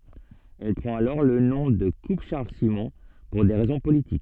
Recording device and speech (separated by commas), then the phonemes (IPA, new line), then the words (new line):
soft in-ear microphone, read sentence
ɛl pʁɑ̃t alɔʁ lə nɔ̃ də kup ʃaʁl simɔ̃ puʁ de ʁɛzɔ̃ politik
Elle prend alors le nom de Coupe Charles Simon, pour des raisons politiques.